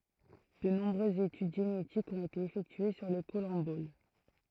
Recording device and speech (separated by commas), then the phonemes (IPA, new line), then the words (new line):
throat microphone, read sentence
də nɔ̃bʁøzz etyd ʒenetikz ɔ̃t ete efɛktye syʁ le kɔlɑ̃bol
De nombreuses études génétiques ont été effectuées sur les collemboles.